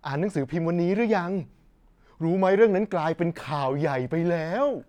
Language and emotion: Thai, happy